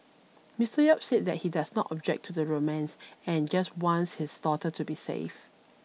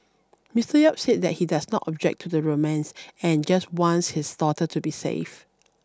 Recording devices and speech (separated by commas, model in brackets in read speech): mobile phone (iPhone 6), standing microphone (AKG C214), read sentence